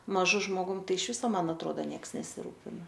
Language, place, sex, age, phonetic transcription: Lithuanian, Aukštaitija, female, 18-60, maˈžu žmoˈgum ˈtai iš ˈviso ˈman atˈroda ˈnieks nesiˈrūpina

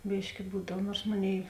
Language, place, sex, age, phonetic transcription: Lithuanian, Žemaitija, female, 18-60, ˈbyški ˈbūdav ˈnuors ˈmoˌnėi

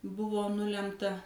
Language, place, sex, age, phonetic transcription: Lithuanian, Suvalkija, female, 60+, ˈbuvo ˈnulemta

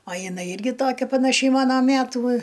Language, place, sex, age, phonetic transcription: Lithuanian, Aukštaitija, female, 60+, a jiˈnai ˈirgi ˈtokia panaˈšiai ˈmana ˈmætų

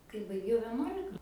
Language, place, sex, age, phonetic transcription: Lithuanian, Aukštaitija, female, 18-60, kai baiˈgiau veˈnuolika

